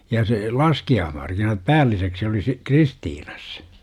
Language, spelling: Finnish, ja se laskiaismarkkinat päälliseksi oli - Kristiinassa
- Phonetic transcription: ja se , "laski₍aahmarkinat "päälliseksi oli si- , 'KristiiNAs .

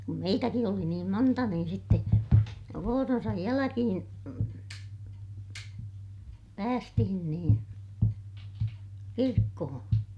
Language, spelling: Finnish, kun meitäkin oli niin monta niin sitten vuoronsa jälkeen päästiin niin kirkkoon
- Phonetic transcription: kum meitäki oli niim monta niin sitte , vooronsaj jäläkihiḭ , päästihin niin , kirkkohoo̰ .

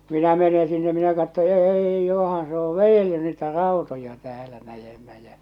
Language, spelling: Finnish, minä menen sinne minä katson ei johan se on vedellyt niitä rautoja täällä näemmä ja
- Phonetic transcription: 'minä 'mene sinne minä katto "êi johan se o "vejelly niitä "ràutoja täälä 'näjemmä jä .

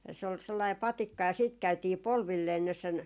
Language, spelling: Finnish, se oli sellainen patikka ja sitten käytiin polvilleen sinne sen
- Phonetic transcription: se ol 'sellai "patikka ja siit 'käytii "polvillee sinnes sen ,.

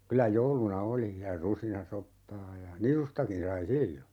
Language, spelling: Finnish, kyllä jouluna oli ja rusinasoppaa ja nisustakin sai silloin
- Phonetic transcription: 'kylä "jouluna 'oli , ja 'rusinasoppaa ja , 'nisustakin sai "sillo .

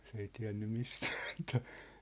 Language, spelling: Finnish, se ei tiennyt mistään mitään
- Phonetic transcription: 's ‿ei 'tiä̭nny "mistᴀ̈ᴀ̈ (ᴍɪtᴀ̈ᴀ̈) .

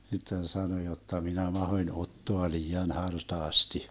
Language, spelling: Finnish, sitten sanoi jotta minä mahdoin ottaa liian hartaasti
- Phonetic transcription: sitten 'sano jotta » 'minä 'mahoⁱn 'ottoa 'lii₍an 'hartaasti » .

